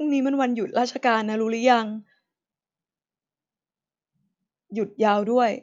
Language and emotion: Thai, sad